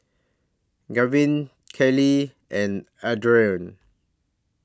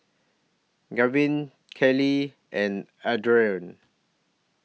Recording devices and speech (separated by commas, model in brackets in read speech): standing microphone (AKG C214), mobile phone (iPhone 6), read sentence